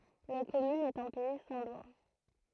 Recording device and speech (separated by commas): throat microphone, read sentence